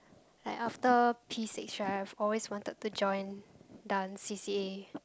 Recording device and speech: close-talking microphone, conversation in the same room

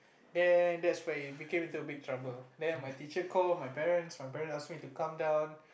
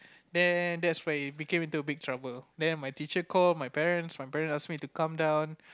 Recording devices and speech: boundary microphone, close-talking microphone, conversation in the same room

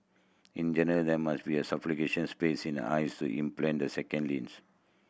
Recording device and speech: boundary microphone (BM630), read sentence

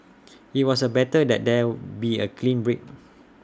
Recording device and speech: standing microphone (AKG C214), read sentence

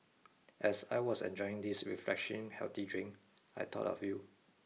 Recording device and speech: mobile phone (iPhone 6), read sentence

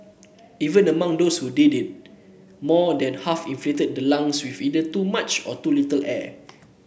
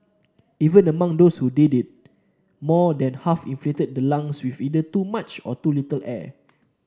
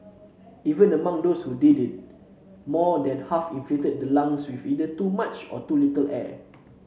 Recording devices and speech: boundary microphone (BM630), standing microphone (AKG C214), mobile phone (Samsung C7), read sentence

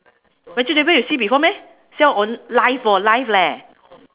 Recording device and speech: telephone, conversation in separate rooms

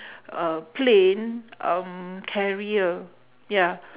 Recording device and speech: telephone, conversation in separate rooms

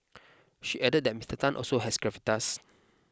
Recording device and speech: close-talking microphone (WH20), read sentence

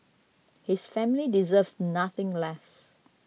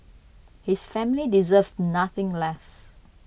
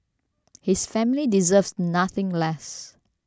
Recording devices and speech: mobile phone (iPhone 6), boundary microphone (BM630), standing microphone (AKG C214), read sentence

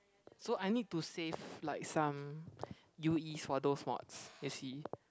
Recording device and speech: close-talking microphone, conversation in the same room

